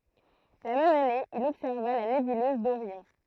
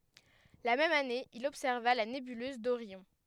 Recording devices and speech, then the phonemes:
throat microphone, headset microphone, read sentence
la mɛm ane il ɔbsɛʁva la nebyløz doʁjɔ̃

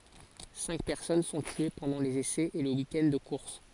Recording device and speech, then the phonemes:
forehead accelerometer, read sentence
sɛ̃k pɛʁsɔn sɔ̃ tye pɑ̃dɑ̃ lez esɛz e lə wikɛnd də kuʁs

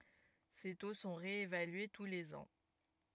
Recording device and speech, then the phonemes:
rigid in-ear microphone, read sentence
se to sɔ̃ ʁeevalye tu lez ɑ̃

